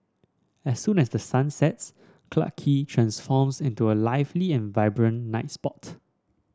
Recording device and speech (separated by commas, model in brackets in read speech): standing microphone (AKG C214), read sentence